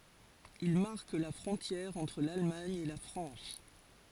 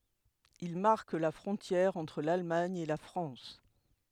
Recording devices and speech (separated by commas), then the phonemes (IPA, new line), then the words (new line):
forehead accelerometer, headset microphone, read sentence
il maʁk la fʁɔ̃tjɛʁ ɑ̃tʁ lalmaɲ e la fʁɑ̃s
Il marque la frontière entre l'Allemagne et la France.